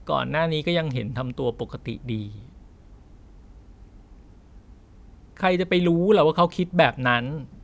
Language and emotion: Thai, frustrated